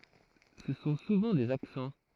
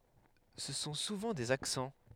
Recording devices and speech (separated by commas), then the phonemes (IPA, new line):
throat microphone, headset microphone, read sentence
sə sɔ̃ suvɑ̃ dez aksɑ̃